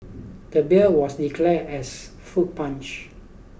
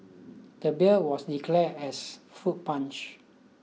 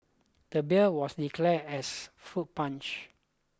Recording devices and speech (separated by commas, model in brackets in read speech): boundary microphone (BM630), mobile phone (iPhone 6), close-talking microphone (WH20), read sentence